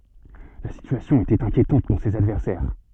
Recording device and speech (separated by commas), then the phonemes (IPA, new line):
soft in-ear microphone, read sentence
la sityasjɔ̃ etɛt ɛ̃kjetɑ̃t puʁ sez advɛʁsɛʁ